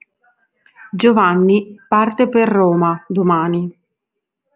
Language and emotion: Italian, neutral